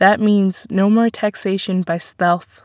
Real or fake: real